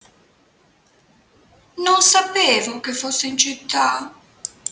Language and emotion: Italian, sad